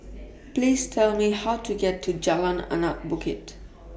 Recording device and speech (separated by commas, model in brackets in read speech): boundary microphone (BM630), read sentence